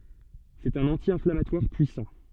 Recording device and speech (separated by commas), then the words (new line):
soft in-ear microphone, read sentence
C'est un anti-inflammatoire puissant.